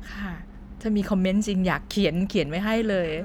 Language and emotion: Thai, neutral